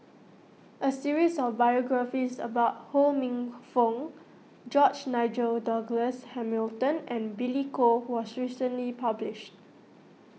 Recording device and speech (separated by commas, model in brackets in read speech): mobile phone (iPhone 6), read sentence